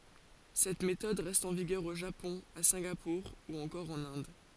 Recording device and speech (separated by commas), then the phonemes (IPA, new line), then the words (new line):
forehead accelerometer, read sentence
sɛt metɔd ʁɛst ɑ̃ viɡœʁ o ʒapɔ̃ a sɛ̃ɡapuʁ u ɑ̃kɔʁ ɑ̃n ɛ̃d
Cette méthode reste en vigueur au Japon, à Singapour ou encore en Inde.